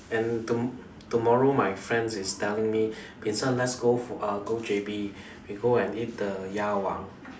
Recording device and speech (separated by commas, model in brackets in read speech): standing microphone, conversation in separate rooms